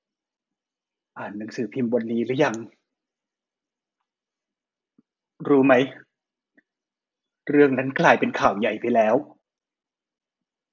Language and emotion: Thai, sad